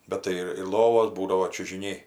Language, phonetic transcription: Lithuanian, ˈbet tai ir ir ˈlovos ˈbūdavo čiužiˈniai

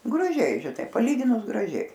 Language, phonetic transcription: Lithuanian, graˈžiai žiˈnai paˈlyginus graˈžiai

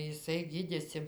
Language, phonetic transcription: Lithuanian, jiˈsai ˈgydėsi

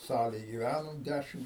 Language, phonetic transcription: Lithuanian, ˈsalėj gyˈvænom ˈdæšim

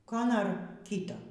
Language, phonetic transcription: Lithuanian, ˈko ˈnor ˈkyto

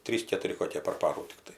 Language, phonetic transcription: Lithuanian, ˈtrys ketuˈri koˈkė par ˈparų tikˈtai

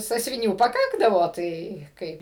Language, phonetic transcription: Lithuanian, sąsviˈnių paˈkakdavo ˈtai ˈkaip i

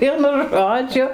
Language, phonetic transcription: Lithuanian, ˈvienu ˈžodžiu

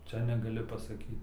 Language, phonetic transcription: Lithuanian, ˈčia negaˈli pasaˈkyt

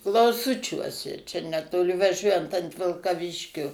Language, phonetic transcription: Lithuanian, klauˈsučiuose čia netoˈli vaˈžiuojant ant vilkaˈviškio

